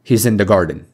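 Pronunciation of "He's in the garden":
'He's in the garden' is said in linked connected speech, with catenation: the words join into one another instead of being said separately.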